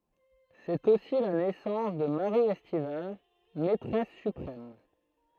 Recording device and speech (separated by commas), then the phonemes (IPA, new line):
throat microphone, read sentence
sɛt osi la nɛsɑ̃s də maʁi ɛstival mɛtʁɛs sypʁɛm